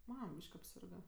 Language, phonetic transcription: Lithuanian, ˈmam ˈbyšk apˈsirga

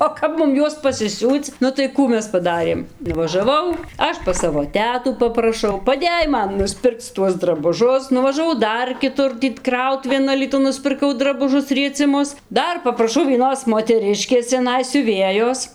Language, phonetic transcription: Lithuanian, o ˈkap mum ˈjuos pasiˈsiūc ˈnu tai ˈkų ˈmes paˈdarėm nuvažaˈvau ˈaš pas ˈsavo ˈtetų papraˈšau paˈdėj ˈman nusˈpirkc ˈtuos drabuˈžus nuvažaˈvau ˈdar kiˈtur tį ˈkrautuvėn alyˈtun nuspirˈkau drabuˈžus rieciˈmus ˈdar papraˈšau vieˈnos moteˈriškės ciaˈnai siuˈvėjos

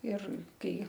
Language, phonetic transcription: Lithuanian, ir ˈkai

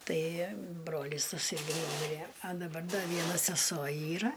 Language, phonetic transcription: Lithuanian, ˈtai ˈbrolys taˈsai ˈnūmirė a daˈbar ˈda ˈviena seˈso ˈyra

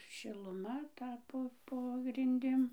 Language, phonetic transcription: Lithuanian, šiluˈma ˈta ˈpo po grinˈdim

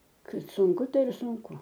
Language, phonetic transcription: Lithuanian, ˈkad sunˈku ˈtai ir sunˈku

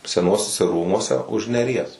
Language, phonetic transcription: Lithuanian, seˈnuosiuse ˈrūmuose už neˈries

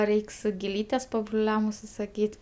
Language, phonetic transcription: Lithuanian, ˈreiks giˈlytes pabruˈliam užsisaˈkyt'

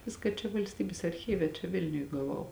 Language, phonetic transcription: Lithuanian, ˈviska čia valsˈtybės arˈchyve čia ˈvilniuj gaˈvau

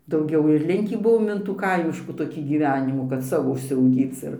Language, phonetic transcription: Lithuanian, dauˈgiau ir ˈlinkį ˈbuvom in tų ˈkaimiškų ˈtokį ˈgyvenimų kad ˈsavo užsiauˈgyc ir

